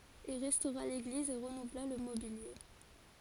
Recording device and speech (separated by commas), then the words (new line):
forehead accelerometer, read sentence
Il restaura l'église et renouvela le mobilier.